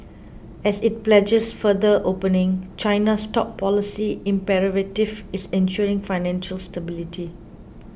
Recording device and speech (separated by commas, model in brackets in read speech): boundary microphone (BM630), read sentence